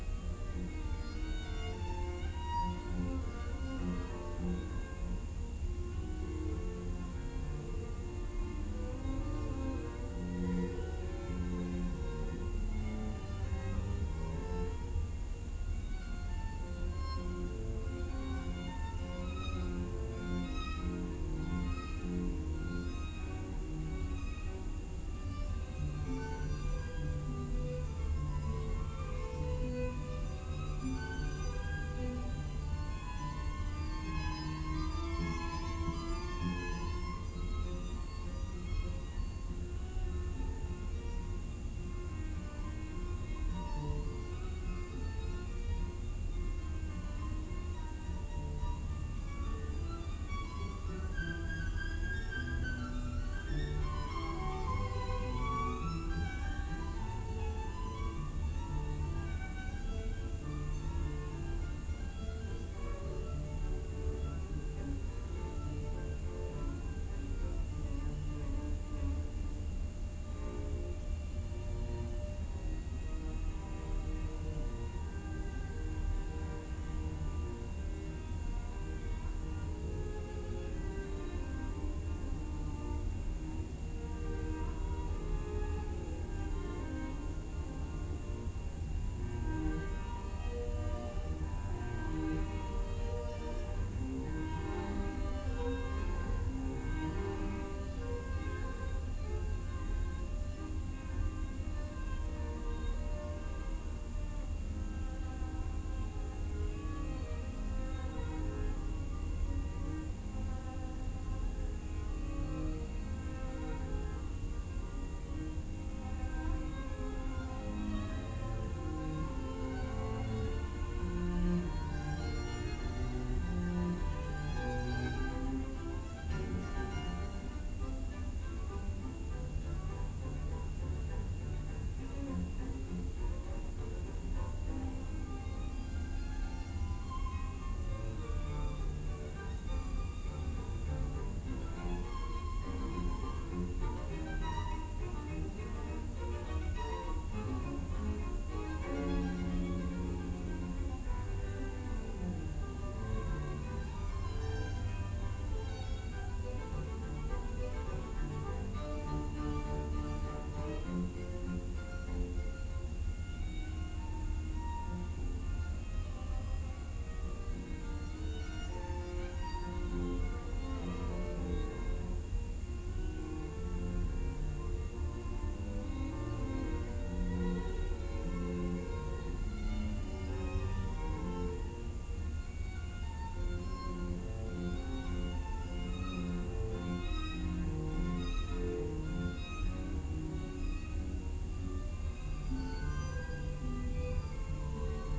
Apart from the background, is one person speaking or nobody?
No one.